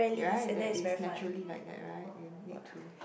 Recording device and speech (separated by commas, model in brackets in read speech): boundary microphone, conversation in the same room